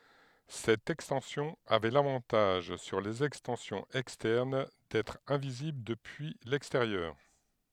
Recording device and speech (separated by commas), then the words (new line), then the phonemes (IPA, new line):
headset microphone, read sentence
Cette extension avait l'avantage sur les extensions externes d'être invisible depuis l'extérieur.
sɛt ɛkstɑ̃sjɔ̃ avɛ lavɑ̃taʒ syʁ lez ɛkstɑ̃sjɔ̃z ɛkstɛʁn dɛtʁ ɛ̃vizibl dəpyi lɛksteʁjœʁ